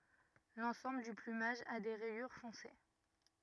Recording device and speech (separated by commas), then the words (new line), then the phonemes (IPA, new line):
rigid in-ear microphone, read sentence
L’ensemble du plumage a des rayures foncées.
lɑ̃sɑ̃bl dy plymaʒ a de ʁɛjyʁ fɔ̃se